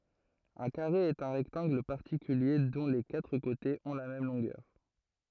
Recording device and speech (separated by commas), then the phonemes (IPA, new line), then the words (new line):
throat microphone, read sentence
œ̃ kaʁe ɛt œ̃ ʁɛktɑ̃ɡl paʁtikylje dɔ̃ le katʁ kotez ɔ̃ la mɛm lɔ̃ɡœʁ
Un carré est un rectangle particulier dont les quatre côtés ont la même longueur.